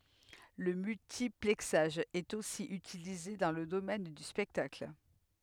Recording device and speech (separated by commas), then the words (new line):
headset microphone, read sentence
Le multiplexage est aussi utilisé dans le domaine du spectacle.